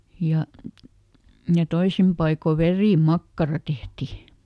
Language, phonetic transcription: Finnish, ˈja , ja ˈtoisim paiko "verì"makkara ˈtehti .
- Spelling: ja ja toisin paikoin verimakkara tehtiin

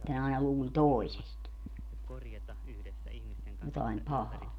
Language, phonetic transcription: Finnish, ne aina 'luuĺ "tòisest , jotaim "pahaa .
- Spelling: ne aina luuli toisesta jotakin pahaa

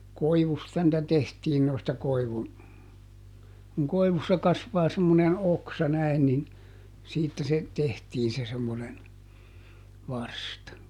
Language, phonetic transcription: Finnish, "koivusta nⁱtä ˈtehtiin noista ˈkoivun , kuŋ ˈkoivussa ˈkasvaa semmonen "oksa ˈnäi̮n nin , ˈsiittä se , ˈtehtiin se semmonen , "varsta .
- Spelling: koivusta niitä tehtiin noista koivun kun koivussa kasvaa semmoinen oksa näin niin siitä se tehtiin se semmoinen varsta

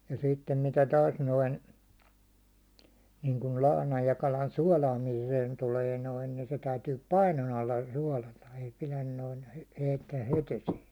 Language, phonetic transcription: Finnish, ja sittem mitä 'taas noin , niiŋkul 'lahnaj ja kalan "suålaamiiseen tuulee 'noin ni , se täytyy "painon ‿alla 'suålata , ei 'pilän noin̬ 'heittää 'het ‿esiin̬ .
- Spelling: ja sitten mitä taas noin niin kuin lahnan ja kalan suolaamiseen tulee noin niin se täytyy painon alla suolata ei pidä noin heittää heti esiin

